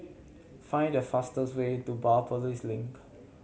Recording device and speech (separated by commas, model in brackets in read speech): mobile phone (Samsung C7100), read sentence